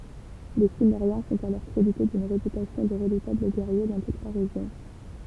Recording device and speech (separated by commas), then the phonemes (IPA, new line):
temple vibration pickup, read sentence
le simmeʁjɛ̃ sɔ̃t alɔʁ kʁedite dyn ʁepytasjɔ̃ də ʁədutabl ɡɛʁje dɑ̃ tut la ʁeʒjɔ̃